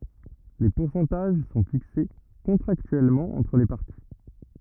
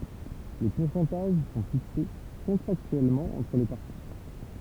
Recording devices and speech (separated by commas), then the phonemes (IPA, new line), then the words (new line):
rigid in-ear microphone, temple vibration pickup, read sentence
le puʁsɑ̃taʒ sɔ̃ fikse kɔ̃tʁaktyɛlmɑ̃ ɑ̃tʁ le paʁti
Les pourcentages son fixés contractuellement entre les parties.